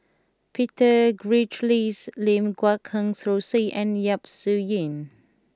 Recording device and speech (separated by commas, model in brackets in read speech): close-talking microphone (WH20), read sentence